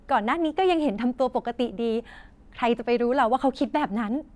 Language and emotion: Thai, happy